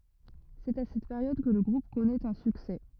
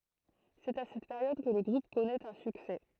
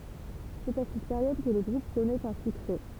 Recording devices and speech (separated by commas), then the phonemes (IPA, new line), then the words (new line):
rigid in-ear microphone, throat microphone, temple vibration pickup, read sentence
sɛt a sɛt peʁjɔd kə lə ɡʁup kɔnɛt œ̃ syksɛ
C'est à cette période que le groupe connait un succès.